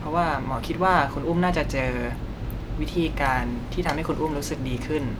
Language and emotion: Thai, neutral